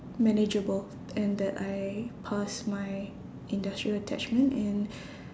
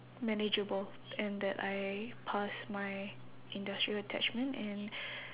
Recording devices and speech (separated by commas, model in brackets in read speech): standing microphone, telephone, conversation in separate rooms